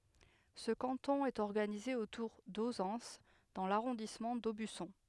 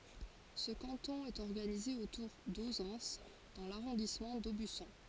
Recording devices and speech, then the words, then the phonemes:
headset microphone, forehead accelerometer, read sentence
Ce canton est organisé autour d'Auzances dans l'arrondissement d'Aubusson.
sə kɑ̃tɔ̃ ɛt ɔʁɡanize otuʁ dozɑ̃s dɑ̃ laʁɔ̃dismɑ̃ dobysɔ̃

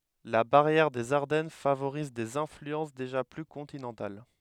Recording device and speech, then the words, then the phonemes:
headset microphone, read sentence
La barrière des Ardennes favorise des influences déjà plus continentales.
la baʁjɛʁ dez aʁdɛn favoʁiz dez ɛ̃flyɑ̃s deʒa ply kɔ̃tinɑ̃tal

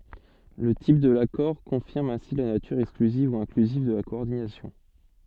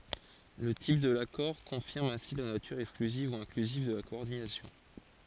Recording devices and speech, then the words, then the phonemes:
soft in-ear microphone, forehead accelerometer, read sentence
Le type de l'accord confirme ainsi la nature exclusive ou inclusive de la coordination.
lə tip də lakɔʁ kɔ̃fiʁm ɛ̃si la natyʁ ɛksklyziv u ɛ̃klyziv də la kɔɔʁdinasjɔ̃

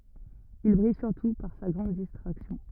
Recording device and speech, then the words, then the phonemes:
rigid in-ear microphone, read sentence
Il brille surtout par sa grande distraction.
il bʁij syʁtu paʁ sa ɡʁɑ̃d distʁaksjɔ̃

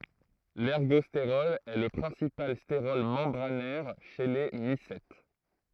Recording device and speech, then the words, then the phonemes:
throat microphone, read sentence
L'ergostérol est le principal stérol membranaire chez les mycètes.
lɛʁɡɔsteʁɔl ɛ lə pʁɛ̃sipal steʁɔl mɑ̃bʁanɛʁ ʃe le misɛt

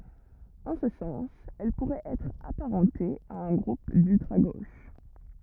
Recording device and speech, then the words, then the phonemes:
rigid in-ear microphone, read sentence
En ce sens, elle pourrait être apparentée à un groupe d'ultra-gauche.
ɑ̃ sə sɑ̃s ɛl puʁɛt ɛtʁ apaʁɑ̃te a œ̃ ɡʁup dyltʁa ɡoʃ

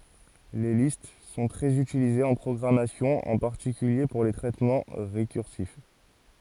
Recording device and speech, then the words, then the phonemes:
forehead accelerometer, read sentence
Les listes sont très utilisées en programmation, en particulier pour les traitements récursifs.
le list sɔ̃ tʁɛz ytilizez ɑ̃ pʁɔɡʁamasjɔ̃ ɑ̃ paʁtikylje puʁ le tʁɛtmɑ̃ ʁekyʁsif

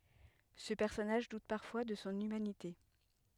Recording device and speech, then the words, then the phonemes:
headset microphone, read sentence
Ce personnage doute parfois de son humanité.
sə pɛʁsɔnaʒ dut paʁfwa də sɔ̃ ymanite

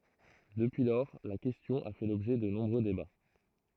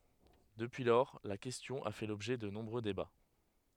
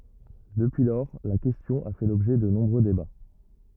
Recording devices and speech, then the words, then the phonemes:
throat microphone, headset microphone, rigid in-ear microphone, read sentence
Depuis lors, la question a fait l'objet de nombreux débats.
dəpyi lɔʁ la kɛstjɔ̃ a fɛ lɔbʒɛ də nɔ̃bʁø deba

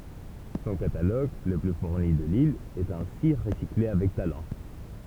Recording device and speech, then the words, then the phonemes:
temple vibration pickup, read sentence
Son catalogue, le plus fourni de l’île, est ainsi recyclé avec talent.
sɔ̃ kataloɡ lə ply fuʁni də lil ɛt ɛ̃si ʁəsikle avɛk talɑ̃

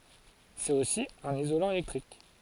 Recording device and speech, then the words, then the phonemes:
forehead accelerometer, read sentence
C'est aussi un isolant électrique.
sɛt osi œ̃n izolɑ̃ elɛktʁik

